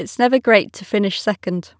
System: none